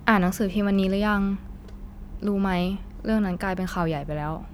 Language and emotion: Thai, frustrated